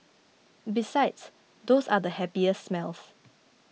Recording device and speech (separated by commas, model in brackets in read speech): mobile phone (iPhone 6), read sentence